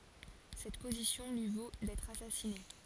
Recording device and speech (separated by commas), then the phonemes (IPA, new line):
forehead accelerometer, read sentence
sɛt pozisjɔ̃ lyi vo dɛtʁ asasine